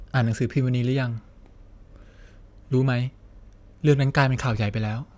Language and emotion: Thai, sad